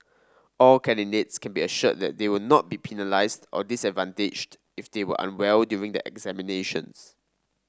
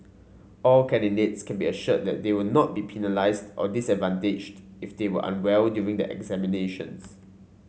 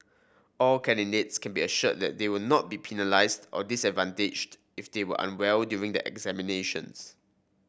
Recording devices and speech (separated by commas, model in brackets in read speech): standing microphone (AKG C214), mobile phone (Samsung C5), boundary microphone (BM630), read sentence